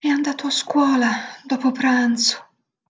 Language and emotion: Italian, sad